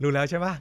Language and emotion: Thai, happy